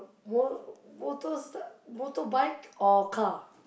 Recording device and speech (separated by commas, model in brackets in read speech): boundary microphone, conversation in the same room